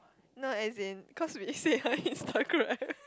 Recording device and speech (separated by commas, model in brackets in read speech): close-talking microphone, conversation in the same room